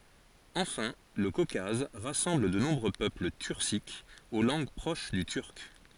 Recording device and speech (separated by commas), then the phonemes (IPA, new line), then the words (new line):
forehead accelerometer, read sentence
ɑ̃fɛ̃ lə kokaz ʁasɑ̃bl də nɔ̃bʁø pøpl tyʁsikz o lɑ̃ɡ pʁoʃ dy tyʁk
Enfin, le Caucase rassemble de nombreux peuples turciques, aux langues proches du turc.